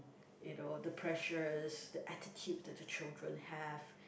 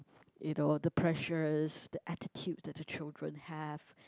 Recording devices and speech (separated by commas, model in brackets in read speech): boundary microphone, close-talking microphone, conversation in the same room